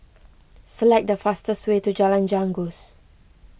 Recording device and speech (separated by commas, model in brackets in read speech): boundary microphone (BM630), read sentence